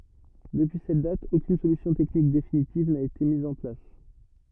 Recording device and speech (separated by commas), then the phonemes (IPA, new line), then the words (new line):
rigid in-ear microphone, read sentence
dəpyi sɛt dat okyn solysjɔ̃ tɛknik definitiv na ete miz ɑ̃ plas
Depuis cette date, aucune solution technique définitive n'a été mise en place.